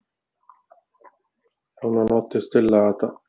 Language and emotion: Italian, sad